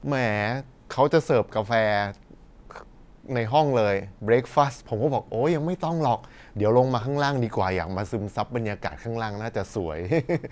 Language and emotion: Thai, happy